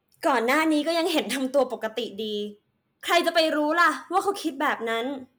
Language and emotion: Thai, frustrated